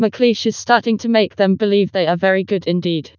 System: TTS, vocoder